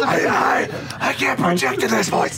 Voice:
raspy